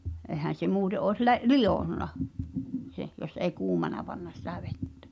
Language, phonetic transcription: Finnish, '’ehän̬ se 'muute ’òes le- , "lijònna , 'sen , jos ei "kuumana panna sⁱtä 'vettᴬ̈ .
- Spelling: eihän se muuten olisi - lionnut sen jos ei kuumana panna sitä vettä

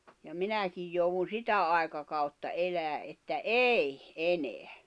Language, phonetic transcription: Finnish, ja 'minäkij jouwun̬ "sitä àekakautta 'elää 'että "ei , "eneä .
- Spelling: ja minäkin joudun sitä aikakautta elämään että ei enää

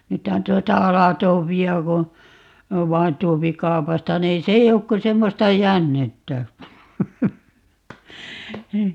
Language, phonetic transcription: Finnish, 'nythän 'tuota "alatoopi₍a ko , 'vain 'tuopi "kau̬pasta niin 'se ei 'ok ko 'semmosta "jännettä .
- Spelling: nythän tuota aladobia kun vain tuo kaupasta niin se ei ole kuin semmoista jännettä

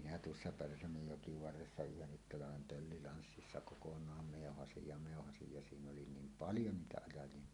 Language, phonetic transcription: Finnish, minä tuossa 'Pärsämöjjoki varressa "yhennit 'talavem pöllilanssissa kokoǹaam mèohasij ja mèohasij ja 'siin_oli "niim "paljo 'niitä 'ajaj̀ie .
- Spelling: minä tuossa Pärsämöjoen varressa yhden talven pöllilanssissa kokonaan meuhasin ja meuhasin ja siinä oli niin paljon niitä ajajia

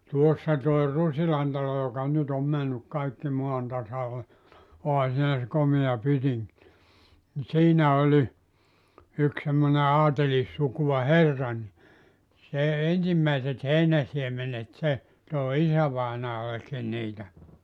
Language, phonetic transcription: Finnish, 'tuossa toi 'Rusilan talo joka 'nyt ‿om männyk 'kaikki 'moan tasale , 'oha siinä se 'komea 'pytiŋk , ni 'siinä oĺi , yk semmone 'aatelissukuʷa "herra ni , se "ensimmäiset 'heinäsiemenet se , tòi 'isä-vainaalekkin niitä .
- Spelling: tuossa tuo Rusilan talo joka nyt on mennyt kaikki maan tasalle onhan siinä se komea pytinki niin siinä oli yksi semmoinen aatelissukua herra niin se ensimmäiset heinäsiemenet se toi isävainajallekin niitä

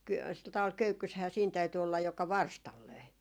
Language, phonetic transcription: Finnish, ky- , sil 'taᵛal "köykkyshää siin täyty ollaj joka "varstal 'löi .
- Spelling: - sillä tavalla köykyssähän siinä täytyi olla joka varstalla löi

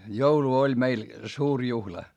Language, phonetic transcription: Finnish, joulu oĺ meil , suur juhla .
- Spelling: joulu oli meillä suuri juhla

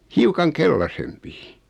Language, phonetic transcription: Finnish, 'hiukaŋ "kellasempi .
- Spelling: hiukan keltaisempi

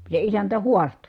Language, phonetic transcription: Finnish, se isäntä huasto .
- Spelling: se isäntä haastoi

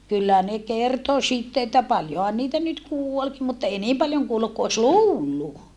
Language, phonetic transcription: Finnish, kyllä ne kerto sitte että paljohan niitä nyt kuolki mutta èi niim paljoŋ kuolluk ku os luullu .
- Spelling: kyllä ne kertoi sitten että paljonhan niitä nyt kuolikin mutta ei niin paljon kuollut kuin olisi luullut

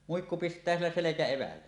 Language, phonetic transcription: Finnish, muikku pist̀ää 'sillä 'selekä₍evällä .
- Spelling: muikku pistää sillä selkäevällä

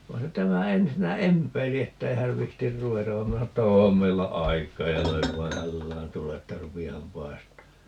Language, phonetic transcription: Finnish, 'vai̮ se 'tämä 'ensinnä "emp̀eili 'ettei häv 'vihtir "ruvetav va 'minä sano että » "oom meillä 'aik̀aa » ja 'löiv vaa "hällään 'tule että » 'rupi₍aham "paist̀aa » .
- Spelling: vai se tämä ensinnä empeili että ei hän viitsi ruveta vaan minä sanoin että on meillä aikaa ja löin vaan hällään tule että rupeahan paistamaan

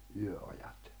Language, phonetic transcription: Finnish, 'yö₍ajat .
- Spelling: yöajat

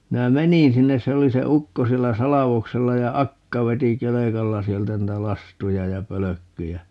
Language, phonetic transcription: Finnish, 'minä "meniḭ 'sinnes - 'se oli se "ukko 'siellä "salavoksella ja "akka 'veti "kelekalla 'sieltä 'nⁱtä "lastuja ja "pölökkyjä .
- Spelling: minä menin sinne se oli se ukko siellä salvoksella ja akka veti kelkalla sieltä niitä lastuja ja pölkkyjä

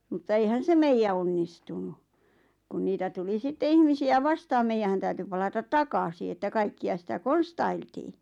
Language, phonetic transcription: Finnish, mutta eihän 'se "meijä onnistunu , kun 'niitä tuli 'sitte "ihmisi₍ä "vastaam "meijähän täyty 'palatat "takasi että 'kaikki₍a sitä "konstailtii .
- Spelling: mutta eihän se meidän onnistunut kun niitä tuli sitten ihmisiä vastaan meidän täytyi palata takaisin että kaikkia sitä konstailtiin

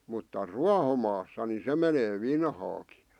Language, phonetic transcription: Finnish, mutta "ruahomaassa ni 'se menee "vinhaaki .
- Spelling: mutta ruohomaassa niin se menee vinhaakin

